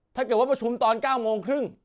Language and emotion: Thai, angry